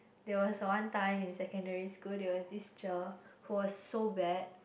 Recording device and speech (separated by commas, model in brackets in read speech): boundary microphone, conversation in the same room